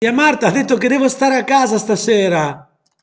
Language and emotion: Italian, happy